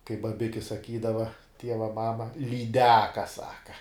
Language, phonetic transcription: Lithuanian, kaip baˈbiki saˈkydava ˈtieva ˈmama lyˈdeka ˈsaka

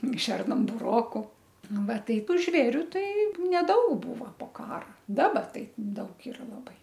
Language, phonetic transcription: Lithuanian, ˈšernam buˈroku ˈnu ˈva ˈtaip ˈžvėriu ˈtai neˈdaug ˈbūvo po ˈkara ˈdaba ˈtai ˈdaug ˈira laˈbai

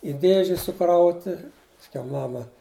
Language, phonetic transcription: Lithuanian, i ˈdėži suˈkrauti pasˈkiau ˈmama

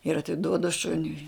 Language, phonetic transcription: Lithuanian, ir atiˈduodu ˈšuniui

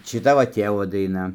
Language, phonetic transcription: Lithuanian, šiˈta va ˈtėvo daiˈna

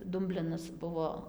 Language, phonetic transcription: Lithuanian, ˈdumblinas ˈbuvo

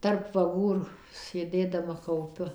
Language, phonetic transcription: Lithuanian, terp vaˈgų ir sėˈdėdama kauˈpiu

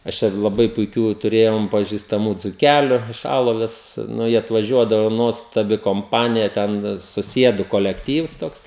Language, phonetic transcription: Lithuanian, aš ˈčia laˈbai puiˈkių tuˈrėjom pažistaˈmų dzuˈkæliu iš ˈaloves nu jie atvaˈžiuodavu ˈnuostabi komˈpanija ˈten suˈsiedu kolekˈtyvs ˈtoks

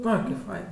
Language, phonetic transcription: Lithuanian, ˈoi kaip ˈfain

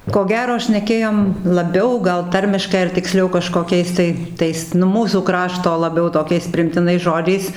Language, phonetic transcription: Lithuanian, ko ˈgero šneˈkėjom laˈbiau ˈgal ˈtarmiškai ar tikˈsliau kažkoˈkiais tai ˈtais nu ˈmūsų ˈkrašto laˈbiau toˈkiais priimtiˈnais ˈžodžiais

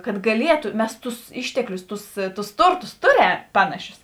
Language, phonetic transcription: Lithuanian, kad gaˈlietu ˈmes ˈtus ˈišteklius ˈtus ˈtus ˈturˌtus ˈtuˌrem ˈpanaˌšius

